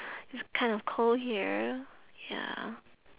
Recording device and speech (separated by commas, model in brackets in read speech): telephone, conversation in separate rooms